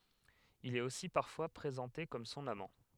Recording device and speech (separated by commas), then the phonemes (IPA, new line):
headset microphone, read sentence
il ɛt osi paʁfwa pʁezɑ̃te kɔm sɔ̃n amɑ̃